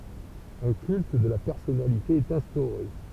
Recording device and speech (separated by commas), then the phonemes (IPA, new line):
temple vibration pickup, read sentence
œ̃ kylt də la pɛʁsɔnalite ɛt ɛ̃stoʁe